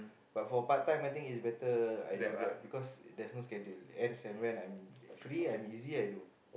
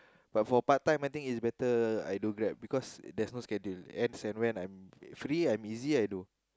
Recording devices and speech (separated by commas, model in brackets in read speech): boundary microphone, close-talking microphone, conversation in the same room